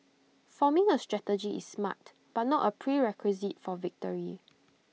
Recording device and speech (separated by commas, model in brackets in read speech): mobile phone (iPhone 6), read sentence